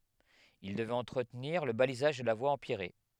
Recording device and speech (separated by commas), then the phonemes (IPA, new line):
headset microphone, read sentence
il dəvɛt ɑ̃tʁətniʁ lə balizaʒ də la vwa ɑ̃pjɛʁe